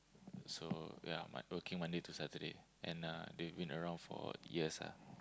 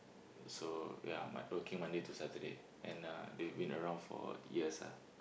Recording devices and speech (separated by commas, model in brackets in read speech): close-talking microphone, boundary microphone, conversation in the same room